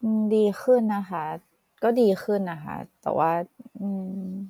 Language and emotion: Thai, neutral